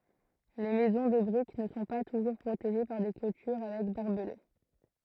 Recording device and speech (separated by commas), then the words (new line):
throat microphone, read sentence
Les maisons de briques ne sont pas toujours protégées par des clôtures avec barbelés.